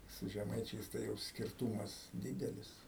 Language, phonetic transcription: Lithuanian, su žeˈmaičiais ˈtai jau skirˈtūmas ˈdydelis

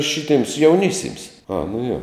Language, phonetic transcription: Lithuanian, ˈšitėms jauˈnisėms a nu jo

